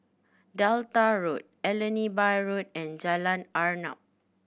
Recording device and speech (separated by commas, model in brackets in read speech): boundary microphone (BM630), read sentence